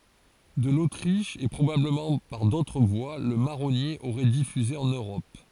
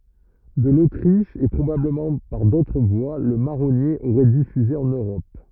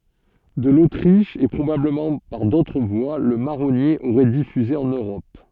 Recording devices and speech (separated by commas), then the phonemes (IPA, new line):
forehead accelerometer, rigid in-ear microphone, soft in-ear microphone, read sentence
də lotʁiʃ e pʁobabləmɑ̃ paʁ dotʁ vwa lə maʁɔnje oʁɛ difyze ɑ̃n øʁɔp